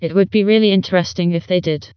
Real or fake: fake